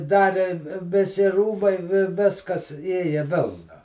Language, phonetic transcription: Lithuanian, ˈdari viˈsi ˈrūbai vi ˈviskas ˈėja ˈvėlna

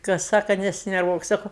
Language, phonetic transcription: Lithuanian, kas ˈsaka nesinerˈvuokˈ saku

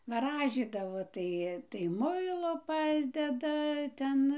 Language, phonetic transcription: Lithuanian, vaˈražydavo ˈtai tai ˈmuilo ˈpasdeda ˈten

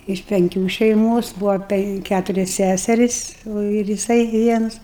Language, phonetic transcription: Lithuanian, iš penˈkių šeiˈmos ˈbūva ˈpenk ˈkæturias ˈsæseris o ir jiˈsai ˈvienus

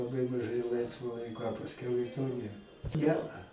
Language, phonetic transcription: Lithuanian, laˈbai maˈžai ˈlaisvo ˈlaiko a pasˈkiau i to ˈnėr ˈnea

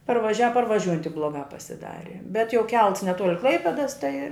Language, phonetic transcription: Lithuanian, parvaˈžiava parvaˈžiūjant tik ˈblogā pasiˈdari bet jau ˈkelts neˈtuoli ˈklaipedas tai

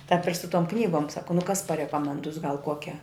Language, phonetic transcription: Lithuanian, tāp ir su tom ˈknygom ˈsako nu kas parekomenˈdus gal ˈkuokia

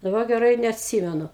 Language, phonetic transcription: Lithuanian, daˈba geˈrai i neatˈsymenu

